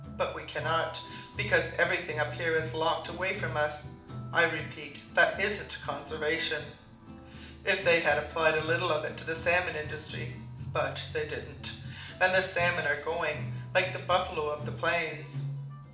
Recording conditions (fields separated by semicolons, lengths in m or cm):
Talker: one person; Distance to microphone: 2.0 m; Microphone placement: close; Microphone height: 99 cm; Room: medium-sized (5.7 m by 4.0 m); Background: music